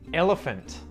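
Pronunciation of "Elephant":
In 'elephant', the final T is pronounced, not muted.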